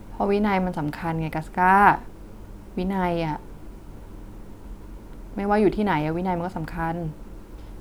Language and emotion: Thai, frustrated